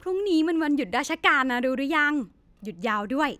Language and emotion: Thai, happy